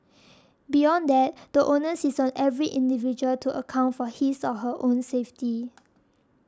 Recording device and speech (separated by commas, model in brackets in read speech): standing microphone (AKG C214), read sentence